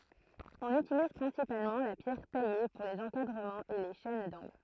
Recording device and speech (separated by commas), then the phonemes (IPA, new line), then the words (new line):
throat microphone, read sentence
ɔ̃n ytiliz pʁɛ̃sipalmɑ̃ la pjɛʁ taje puʁ lez ɑ̃kadʁəmɑ̃z e le ʃɛn dɑ̃ɡl
On utilise principalement la pierre taillée pour les encadrements et les chaînes d'angles.